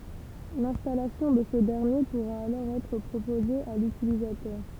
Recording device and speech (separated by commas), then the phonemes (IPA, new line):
temple vibration pickup, read sentence
lɛ̃stalasjɔ̃ də sə dɛʁnje puʁa alɔʁ ɛtʁ pʁopoze a lytilizatœʁ